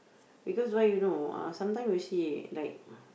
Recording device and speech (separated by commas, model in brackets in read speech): boundary microphone, conversation in the same room